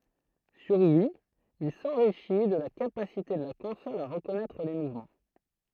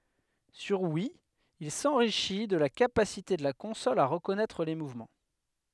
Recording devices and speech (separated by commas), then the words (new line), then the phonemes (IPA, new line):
throat microphone, headset microphone, read sentence
Sur Wii, il s’enrichit de la capacité de la console à reconnaître les mouvements.
syʁ wi il sɑ̃ʁiʃi də la kapasite də la kɔ̃sɔl a ʁəkɔnɛtʁ le muvmɑ̃